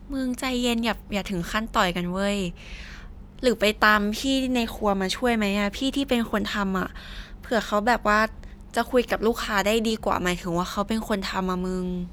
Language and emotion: Thai, frustrated